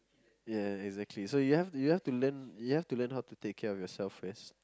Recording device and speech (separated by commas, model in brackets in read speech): close-talking microphone, conversation in the same room